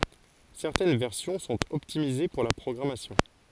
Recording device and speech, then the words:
forehead accelerometer, read sentence
Certaines versions sont optimisées pour la programmation.

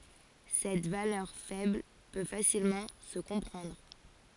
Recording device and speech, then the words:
forehead accelerometer, read sentence
Cette valeur faible peut facilement se comprendre.

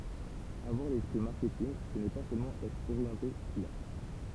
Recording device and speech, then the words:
temple vibration pickup, read sentence
Avoir l'esprit marketing, ce n'est pas seulement être orienté client.

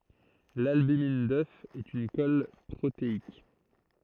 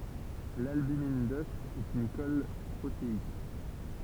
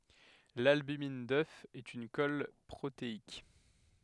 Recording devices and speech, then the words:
throat microphone, temple vibration pickup, headset microphone, read sentence
L’albumine d’œuf est une colle protéique.

